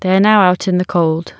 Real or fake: real